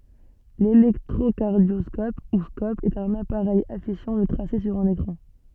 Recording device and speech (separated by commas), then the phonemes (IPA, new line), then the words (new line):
soft in-ear microphone, read sentence
lelɛktʁokaʁdjɔskɔp u skɔp ɛt œ̃n apaʁɛj afiʃɑ̃ lə tʁase syʁ œ̃n ekʁɑ̃
L'électrocardioscope, ou scope, est un appareil affichant le tracé sur un écran.